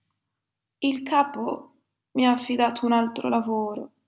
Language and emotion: Italian, sad